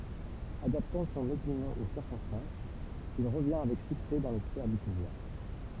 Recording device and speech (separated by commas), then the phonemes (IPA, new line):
temple vibration pickup, read sentence
adaptɑ̃ sɔ̃n opinjɔ̃ o siʁkɔ̃stɑ̃sz il ʁəvjɛ̃ avɛk syksɛ dɑ̃ le sfɛʁ dy puvwaʁ